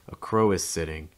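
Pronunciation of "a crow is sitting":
In 'a crow is sitting', the stress falls on 'crow'.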